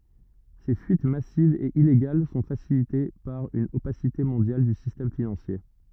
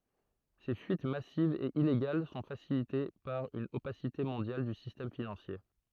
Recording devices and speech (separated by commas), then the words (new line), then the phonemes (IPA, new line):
rigid in-ear microphone, throat microphone, read sentence
Ces fuites massives et illégales sont facilitées par une opacité mondiale du système financier.
se fyit masivz e ileɡal sɔ̃ fasilite paʁ yn opasite mɔ̃djal dy sistɛm finɑ̃sje